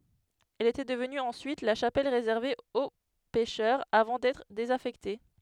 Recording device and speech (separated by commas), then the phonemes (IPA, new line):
headset microphone, read sentence
ɛl etɛ dəvny ɑ̃syit la ʃapɛl ʁezɛʁve o pɛʃœʁz avɑ̃ dɛtʁ dezafɛkte